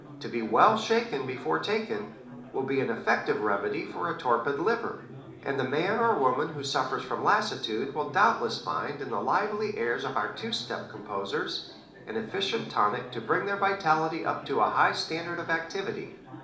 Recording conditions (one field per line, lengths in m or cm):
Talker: one person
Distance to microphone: 2.0 m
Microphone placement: close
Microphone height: 99 cm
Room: medium-sized (5.7 m by 4.0 m)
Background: babble